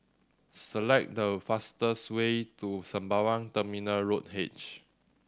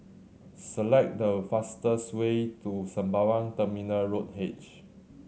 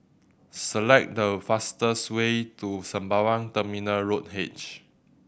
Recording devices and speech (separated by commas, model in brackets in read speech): standing microphone (AKG C214), mobile phone (Samsung C7100), boundary microphone (BM630), read sentence